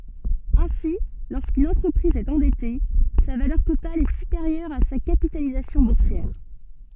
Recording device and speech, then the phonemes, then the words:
soft in-ear microphone, read sentence
ɛ̃si loʁskyn ɑ̃tʁəpʁiz ɛt ɑ̃dɛte sa valœʁ total ɛ sypeʁjœʁ a sa kapitalizasjɔ̃ buʁsjɛʁ
Ainsi, lorsqu'une entreprise est endettée, sa valeur totale est supérieure à sa capitalisation boursière.

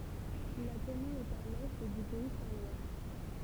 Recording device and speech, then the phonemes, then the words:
temple vibration pickup, read sentence
la kɔmyn ɛt a lɛ dy pɛi sɛ̃ lwa
La commune est à l'est du pays saint-lois.

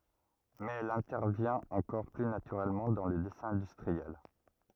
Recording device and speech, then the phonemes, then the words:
rigid in-ear microphone, read sentence
mɛz ɛl ɛ̃tɛʁvjɛ̃t ɑ̃kɔʁ ply natyʁɛlmɑ̃ dɑ̃ lə dɛsɛ̃ ɛ̃dystʁiɛl
Mais elle intervient encore plus naturellement dans le dessin industriel.

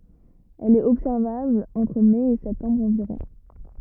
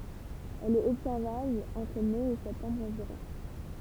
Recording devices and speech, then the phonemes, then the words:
rigid in-ear microphone, temple vibration pickup, read sentence
ɛl ɛt ɔbsɛʁvabl ɑ̃tʁ mɛ e sɛptɑ̃bʁ ɑ̃viʁɔ̃
Elle est observable entre mai et septembre environ.

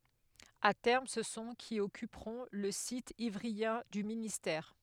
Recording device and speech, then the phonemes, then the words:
headset microphone, read sentence
a tɛʁm sə sɔ̃ ki ɔkypʁɔ̃ lə sit ivʁiɑ̃ dy ministɛʁ
À terme, ce sont qui occuperont le site ivryen du ministère.

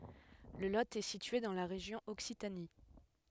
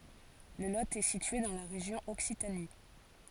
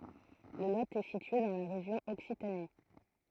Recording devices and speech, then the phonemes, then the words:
headset microphone, forehead accelerometer, throat microphone, read sentence
lə lo ɛ sitye dɑ̃ la ʁeʒjɔ̃ ɔksitani
Le Lot est situé dans la région Occitanie.

